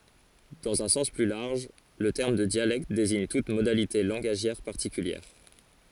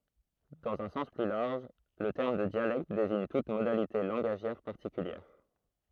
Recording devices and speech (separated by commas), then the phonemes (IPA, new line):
forehead accelerometer, throat microphone, read sentence
dɑ̃z œ̃ sɑ̃s ply laʁʒ lə tɛʁm də djalɛkt deziɲ tut modalite lɑ̃ɡaʒjɛʁ paʁtikyljɛʁ